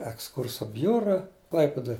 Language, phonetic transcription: Lithuanian, eksˈkurso ˈbjura ˈklaipidoj

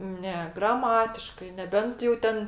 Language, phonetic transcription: Lithuanian, ˈne graˈmatiškai neˈbent jau ˈten

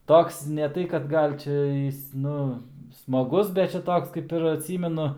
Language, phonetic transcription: Lithuanian, ˈtoks ne ˈtai kad ˈgal' ˈčia ˈjis ˈnu smaˈgus bet ˈčia ˈtoks kaip ir atˈsymenu

